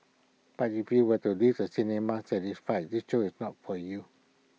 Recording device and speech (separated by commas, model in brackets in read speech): mobile phone (iPhone 6), read sentence